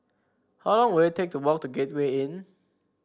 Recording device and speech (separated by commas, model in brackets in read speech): standing microphone (AKG C214), read sentence